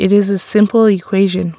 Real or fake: real